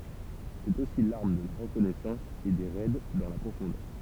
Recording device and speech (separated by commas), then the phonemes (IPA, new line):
temple vibration pickup, read sentence
sɛt osi laʁm də la ʁəkɔnɛsɑ̃s e de ʁɛd dɑ̃ la pʁofɔ̃dœʁ